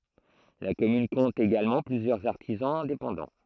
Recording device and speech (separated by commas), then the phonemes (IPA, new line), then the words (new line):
throat microphone, read sentence
la kɔmyn kɔ̃t eɡalmɑ̃ plyzjœʁz aʁtizɑ̃z ɛ̃depɑ̃dɑ̃
La commune compte également plusieurs artisans indépendants.